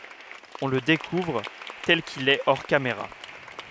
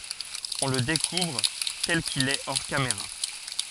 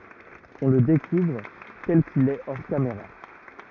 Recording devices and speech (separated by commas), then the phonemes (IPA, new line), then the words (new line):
headset microphone, forehead accelerometer, rigid in-ear microphone, read sentence
ɔ̃ lə dekuvʁ tɛl kil ɛ ɔʁ kameʁa
On le découvre tel qu'il est hors caméra.